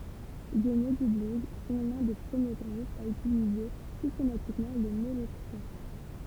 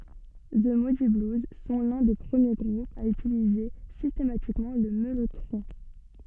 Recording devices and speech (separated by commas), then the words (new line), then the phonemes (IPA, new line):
temple vibration pickup, soft in-ear microphone, read sentence
The Moody Blues sont l'un des premiers groupes à utiliser systématiquement le mellotron.
zə mudi bluz sɔ̃ lœ̃ de pʁəmje ɡʁupz a ytilize sistematikmɑ̃ lə mɛlotʁɔ̃